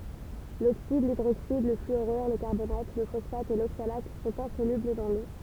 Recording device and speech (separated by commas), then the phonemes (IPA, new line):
temple vibration pickup, read sentence
loksid lidʁoksid lə flyoʁyʁ lə kaʁbonat lə fɔsfat e loksalat sɔ̃t ɛ̃solybl dɑ̃ lo